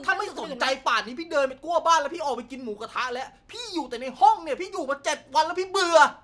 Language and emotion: Thai, angry